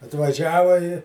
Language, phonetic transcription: Lithuanian, atvaˈžiava i

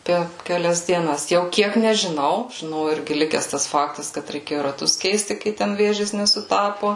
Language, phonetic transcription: Lithuanian, ˈper keˈlias dieˈnas jau ˈkiek nežiˈnau žiˈnau ˈirgi ˈlikes ˈtas ˈfaktas kad reiˈkėju raˈtus ˈkeisti ˈkai ten ˈvėžės nesuˈtapo

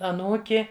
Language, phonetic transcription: Lithuanian, aˈnūki

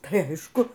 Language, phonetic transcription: Lithuanian, tai ˈaišku

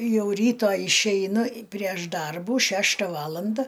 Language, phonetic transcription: Lithuanian, ˈjau ˈryto išeiˈnu prieš ˈdarbų ˈšešta ˈvalanda

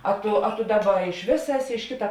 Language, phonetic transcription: Lithuanian, ˈa ˈtu a tu ˈdaˌba iš ˈvėsa ˈeˌsi iš ˈkita

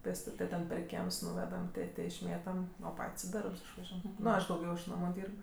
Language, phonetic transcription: Lithuanian, pėsˈtut' tai ˈten per ˈkiems ˈnūvedam ˈtė ˈtė išˈmėtam o ˈpat's' i ˈdarbs išvaˈžiuojam ˈnu ˈaš dauˈgiau iš ˈnamu ˈdyrb

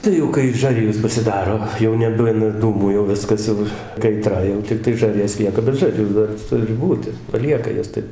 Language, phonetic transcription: Lithuanian, ˈtai jau kai ˈžarijos pasiˈdaro jau neˈbuna ˈdūmų jau ˈviskas jau kaiˈtra jau tikˈtai ˈžaˈrjos ˈlieka bet ˈžarjų ˈdar ˈturi ˈbūti paˈlieka ˈjas ˈtaip

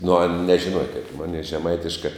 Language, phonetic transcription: Lithuanian, nu an nežiˈnuoje kaip ˈmonei žeˈmaitiškai

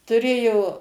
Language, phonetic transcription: Lithuanian, tuˈrėjo

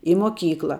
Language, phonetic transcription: Lithuanian, i moˈkykla

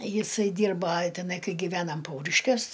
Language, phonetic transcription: Lithuanian, ˈjisai ˈdyrba teˈnai ˈkai giˈvenam ˈpauriškiuos

